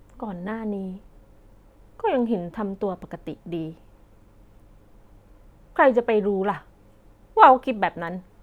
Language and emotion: Thai, frustrated